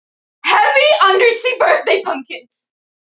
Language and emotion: English, fearful